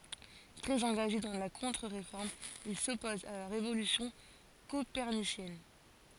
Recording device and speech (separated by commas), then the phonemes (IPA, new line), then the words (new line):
forehead accelerometer, read sentence
tʁɛz ɑ̃ɡaʒe dɑ̃ la kɔ̃tʁəʁefɔʁm il sɔpozt a la ʁevolysjɔ̃ kopɛʁnisjɛn
Très engagés dans la Contre-Réforme, ils s'opposent à la révolution copernicienne.